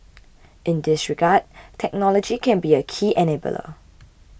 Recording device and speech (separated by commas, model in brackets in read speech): boundary microphone (BM630), read sentence